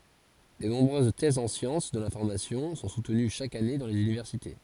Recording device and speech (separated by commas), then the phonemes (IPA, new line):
forehead accelerometer, read sentence
də nɔ̃bʁøz tɛzz ɑ̃ sjɑ̃s də lɛ̃fɔʁmasjɔ̃ sɔ̃ sutəny ʃak ane dɑ̃ lez ynivɛʁsite